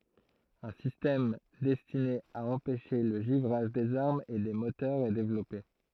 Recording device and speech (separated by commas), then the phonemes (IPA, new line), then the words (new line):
throat microphone, read sentence
œ̃ sistɛm dɛstine a ɑ̃pɛʃe lə ʒivʁaʒ dez aʁmz e de motœʁz ɛ devlɔpe
Un système destiné à empêcher le givrage des armes et des moteurs est développé.